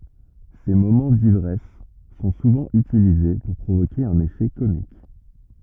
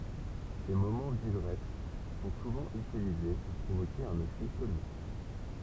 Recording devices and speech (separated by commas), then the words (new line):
rigid in-ear microphone, temple vibration pickup, read sentence
Ses moments d'ivresse sont souvent utilisés pour provoquer un effet comique.